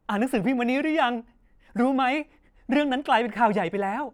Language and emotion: Thai, happy